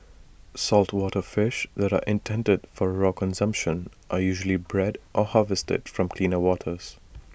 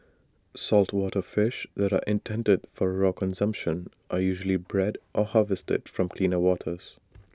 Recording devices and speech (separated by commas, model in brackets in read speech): boundary microphone (BM630), standing microphone (AKG C214), read sentence